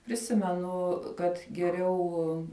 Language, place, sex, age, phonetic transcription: Lithuanian, Žemaitija, female, 18-60, priˈsimenu kad geˈriau

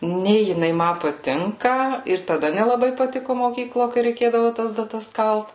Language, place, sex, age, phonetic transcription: Lithuanian, Suvalkija, female, 18-60, ˈnė jiˈnai ˈma paˈtinka ir taˈda nelaˈbai paˈtiku moˈkyklo kai reiˈkėdavu tas daˈtas ˈkalt

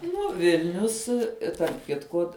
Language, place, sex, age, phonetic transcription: Lithuanian, Žemaitija, female, 18-60, ˈnu ˈvilnius tarp ˈkitku

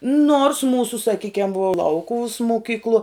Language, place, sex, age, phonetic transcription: Lithuanian, Žemaitija, female, 18-60, nors ˈmūsu saˈkykiam vuo ˈlaukuvus moˈkykluo

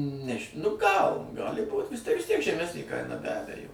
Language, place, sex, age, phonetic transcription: Lithuanian, Suvalkija, male, 60+, ˈneži nu ˈgal ˈgali būt vis ˈtiek vis ˈtiek žeˈmesnė ˈkaina be ˈabejo

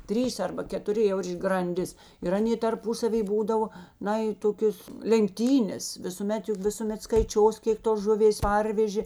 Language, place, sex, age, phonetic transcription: Lithuanian, Žemaitija, female, 60+, ˈtrys ˈarba ketuˈri jau ir granˈdis ir ˈanė tarˈpusavy ˈbūdavo ˈna i ˈtokios lenkˈtynės visuˈmet ˈjug visuˈmet skaiˈčios ˈkėk tos ˈžuˌvės ˈparvežė

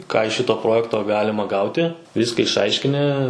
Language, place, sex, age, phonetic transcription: Lithuanian, Suvalkija, male, 18-60, ˈką iš ˈšito ˈprojekto ˈgalima ˈgauti ˈvyska išˈaiškini

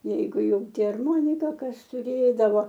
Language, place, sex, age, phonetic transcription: Lithuanian, Aukštaitija, female, 60+, ˈjeigu ˈjau ˈti arˈmonika ˈkas tuˈrėdavo

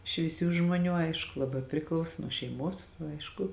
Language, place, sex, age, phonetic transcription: Lithuanian, Žemaitija, female, 18-60, švyˈsių žmuoˈnių ˈaišku laˈbā priˈklauso nuo šeiˈmuos ˈaišku

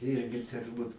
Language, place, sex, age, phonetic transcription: Lithuanian, Aukštaitija, male, 60+, ˈirgi turˈbūt

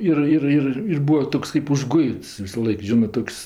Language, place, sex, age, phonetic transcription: Lithuanian, Aukštaitija, female, 60+, ˈir ˈir ˈir ir ˈbūa ˈtoks kɜp užˈguits visaˈlaik ˈžinɜ ˈtoks

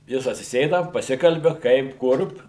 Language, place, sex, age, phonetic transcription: Lithuanian, Suvalkija, male, 60+, ˈjis atsiˈsėda paˈsikalbi ˈkaip ˈkur

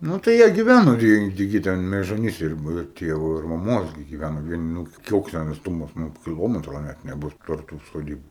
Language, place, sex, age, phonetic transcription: Lithuanian, Aukštaitija, male, 18-60, ˈnū tai ˈjie giˈvæno ˈvieni ˈtigi ˈten mežoˈnyse ir ˈbu ˈir ˈtievo ir maˈmos gi giˈvæno ˈvieni ˈnūk ˈkoks ˈten atsˈtumas ˈnu kiˈlometro ˈnæt neˈbus tarp tų soˈdybu

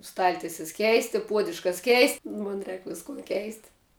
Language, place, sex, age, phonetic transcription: Lithuanian, Žemaitija, female, 18-60, ˈstaltises ˈkeisti ˈpuodiuškas ˈkeisti ˈmon ˈrēk ˈviskun ˈkeisti

